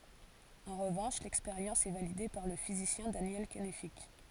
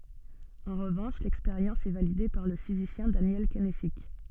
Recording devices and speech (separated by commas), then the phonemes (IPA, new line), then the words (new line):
forehead accelerometer, soft in-ear microphone, read sentence
ɑ̃ ʁəvɑ̃ʃ lɛkspeʁjɑ̃s ɛ valide paʁ lə fizisjɛ̃ danjɛl kɛnfik
En revanche, l'expérience est validée par le physicien Daniel Kennefick.